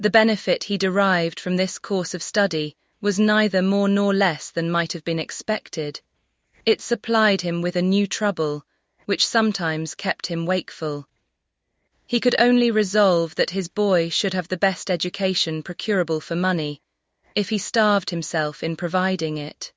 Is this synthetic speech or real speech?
synthetic